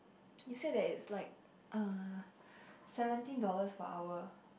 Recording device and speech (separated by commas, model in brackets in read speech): boundary microphone, conversation in the same room